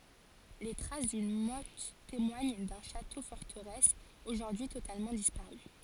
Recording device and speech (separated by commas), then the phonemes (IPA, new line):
forehead accelerometer, read sentence
le tʁas dyn mɔt temwaɲ dœ̃ ʃato fɔʁtəʁɛs oʒuʁdyi totalmɑ̃ dispaʁy